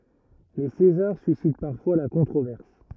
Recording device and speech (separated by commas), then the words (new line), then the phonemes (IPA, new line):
rigid in-ear microphone, read sentence
Les César suscitent parfois la controverse.
le sezaʁ sysit paʁfwa la kɔ̃tʁovɛʁs